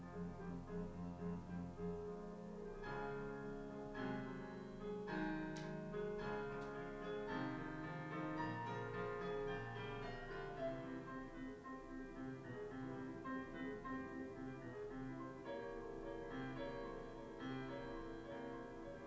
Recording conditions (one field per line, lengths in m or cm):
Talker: no one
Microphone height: 1.1 m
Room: small (3.7 m by 2.7 m)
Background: music